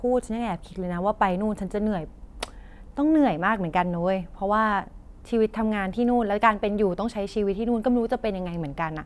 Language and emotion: Thai, frustrated